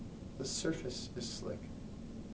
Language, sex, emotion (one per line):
English
male
neutral